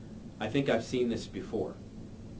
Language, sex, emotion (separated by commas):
English, male, neutral